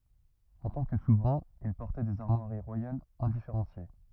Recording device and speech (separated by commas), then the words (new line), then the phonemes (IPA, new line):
rigid in-ear microphone, read sentence
En tant que souverain, il portait des armoiries royales indifférenciées.
ɑ̃ tɑ̃ kə suvʁɛ̃ il pɔʁtɛ dez aʁmwaʁi ʁwajalz ɛ̃difeʁɑ̃sje